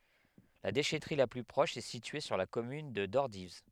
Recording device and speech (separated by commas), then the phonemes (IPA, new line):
headset microphone, read sentence
la deʃɛtʁi la ply pʁɔʃ ɛ sitye syʁ la kɔmyn də dɔʁdiv